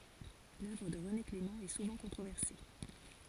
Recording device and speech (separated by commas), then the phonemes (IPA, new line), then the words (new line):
forehead accelerometer, read sentence
lœvʁ də ʁəne klemɑ̃ ɛ suvɑ̃ kɔ̃tʁovɛʁse
L’œuvre de René Clément est souvent controversée.